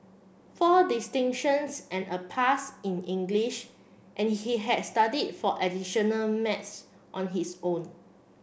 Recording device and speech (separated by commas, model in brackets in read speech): boundary microphone (BM630), read sentence